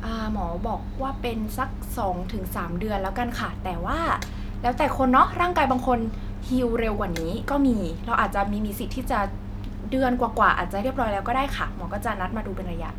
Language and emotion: Thai, neutral